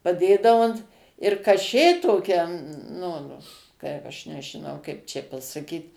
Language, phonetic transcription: Lithuanian, paˈdėdavu ant ir kaˈšė toˈkia ˈnu ˈkaip ˈaš nežiˈnau ˈkaip čia pasaˈkyt

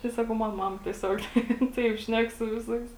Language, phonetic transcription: Lithuanian, tai ˈsakau ˈman ˈmama tieˈsiog ˈtaip ˈšnek su ˈviˌsais

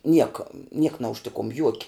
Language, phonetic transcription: Lithuanian, ˈnieka niek naužˈtikum ˈjuoki

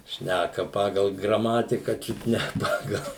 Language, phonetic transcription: Lithuanian, ˈšnæka ˈpagal graˈmatika ˈčiut ne ˈpagal

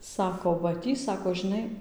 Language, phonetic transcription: Lithuanian, ˈsako va ˈtį ˈsako žiˈnai

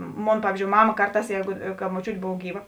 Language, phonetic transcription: Lithuanian, ˈmon ˈpavyzdžiou ˈmama ˈkarˌtās ˈjeigu ka moˈčiūt' ˈbov ˈgyˌva

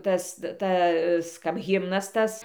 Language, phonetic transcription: Lithuanian, ˈtas ˈtas kap ˈhimnas ˈtas

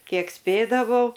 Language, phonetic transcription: Lithuanian, ˈkiek ˈspėdavau

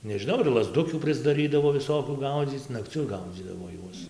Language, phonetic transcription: Lithuanian, nežiˈnau ir lazˈdukių prisdaˈrydavo viˈsokių ˈgaudzyc nakˈciu ˈgaudzydavo ˈjuos

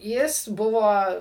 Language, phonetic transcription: Lithuanian, ˈjis ˈbuvo

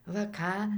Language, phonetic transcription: Lithuanian, va ˈką

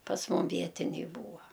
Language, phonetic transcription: Lithuanian, pas ˈmum ˈvietiniai ˈbūa

